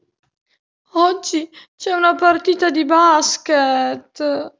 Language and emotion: Italian, sad